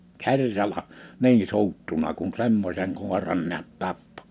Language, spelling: Finnish, kerralla niin suuttuneena kun semmoisen koiran näet tappoi
- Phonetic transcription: kerrala « , "nii(n) 'suuttuna kun̬ 'semmośeŋ 'kòeran ni̬ät 'tappᴏ .

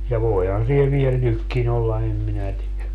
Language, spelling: Finnish, ja voihan siellä vielä nytkin olla en minä tiedä
- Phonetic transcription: ja 'voihan sie viel "nykkin ‿olla em 'minä tie(lä) .

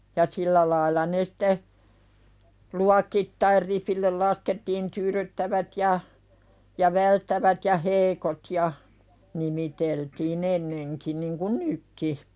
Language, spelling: Finnish, ja sillä lailla ne sitten luokittain ripille laskettiin tyydyttävät ja ja välttävät ja heikot ja nimiteltiin ennenkin niin kuin nytkin
- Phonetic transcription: ja "sillä lailla ne sᴵte , 'luakittair 'ripillel "laskettiin "tyyðyttävät ja , ja "välttävät ja 'heikot ja , nimiteltii'n ‿enneŋki niŋku "nykki .

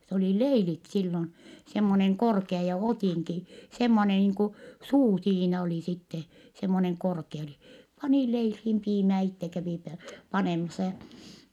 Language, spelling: Finnish, se oli leilit silloin semmoinen korkea ja ottinki semmoinen niin kuin suu siinä oli sitten semmoinen korkea oli pani leiliin piimää itse kävi - panemassa ja
- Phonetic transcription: s ‿olì leilit sillon , semmoneŋ korkea , ja otìŋki , semmone niiŋ ku , suu siinä oli sitte , semmoneŋ korke oli , panì leilhiim piimää itte kävì pe- , panèmasa ja ,.

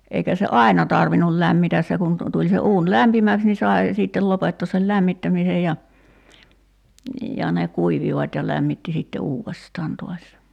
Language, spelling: Finnish, eikä se aina tarvinnut lämmitä se kun - tuli se uuni lämpimäksi niin sai sitten lopettaa sen lämmittämisen ja ja ne kuivuivat ja lämmitti sitten uudestaan taas
- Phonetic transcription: eikä se "ai̬na tarvinul 'lämmitäs se kun , tu- 'tuĺ se 'uun "lämpimäks ni 'sae , sìttel 'lopettoos sel "lämmittämisej ja , ja ne 'kuivivat́ ja 'lämmitti sitte "uuvestaan to̭as .

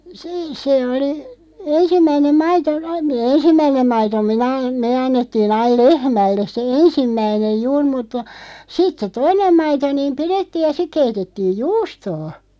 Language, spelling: Finnish, se se oli ensimmäinen maito aina - ensimmäinen maito minä me annettiin aina lehmälle se ensimmäinen juuri mutta sitten se toinen maito niin pidettiin ja sitten keitettiin juustoa
- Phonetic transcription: (se) 'se oli , 'ensimmäinem "maito (aim mi-) , "ensimmäinem 'maito "minä , "mee 'annettii'n ‿aiˡ "lehmälles 'se "ensimmäinej "juur mutta , 'sit se "toinem 'maito niim "pirettiij ja sik 'keitettiij "juustoo .

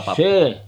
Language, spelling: Finnish, se
- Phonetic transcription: 'se .

